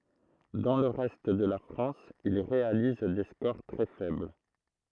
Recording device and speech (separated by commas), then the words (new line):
throat microphone, read sentence
Dans le reste de la France, il réalise des scores très faibles.